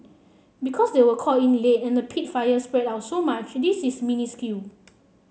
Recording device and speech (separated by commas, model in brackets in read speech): mobile phone (Samsung C7), read sentence